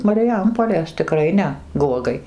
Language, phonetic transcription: Lithuanian, mariˈjampolės tiˈkrai ne ˈguogai

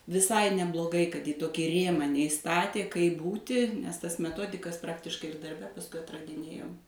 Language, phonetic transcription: Lithuanian, viˈsai nebloˈgai kad į ˈtokį ˈrėmą neiˈstatė kaip ˈbūti nes ˈtas meˈtodikas ˈpraktiškai ir darˈbe pasˈkui atradiˈnėjom

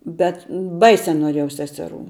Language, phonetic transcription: Lithuanian, ˈbet ˈbaisia noˈriejau ˈseseˌrų

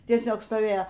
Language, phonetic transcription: Lithuanian, tieˈsiog stoˈvėjo

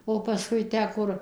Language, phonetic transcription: Lithuanian, o paˈskui ˈtę ˈkur

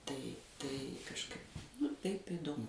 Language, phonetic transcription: Lithuanian, ˈtai tai kažˈkaip nu ˈtaip idoˈmu

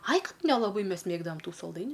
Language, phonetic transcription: Lithuanian, ai ˈkad nelaˈbai ˈmes ˈmėgdavam ˈtų salˈdainiu

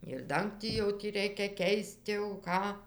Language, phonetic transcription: Lithuanian, ir ˈdangtį jau ˈtį ˈreikia ˈkeist jau ˈką

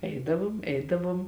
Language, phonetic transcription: Lithuanian, ˈeidavom ˈeidavuom

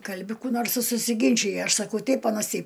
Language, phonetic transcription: Lithuanian, ˈkalbi ˈkų nors i susiˈginčija ˈaš saˈkau ˈteip ˈanas ˈteip

